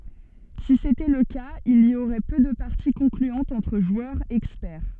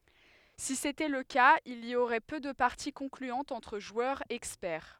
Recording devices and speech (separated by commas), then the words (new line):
soft in-ear microphone, headset microphone, read sentence
Si c’était le cas, il y aurait peu de parties concluantes entre joueurs experts.